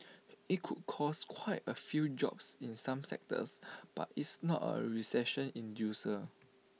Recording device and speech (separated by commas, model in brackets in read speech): mobile phone (iPhone 6), read sentence